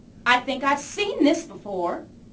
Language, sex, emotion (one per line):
English
female
disgusted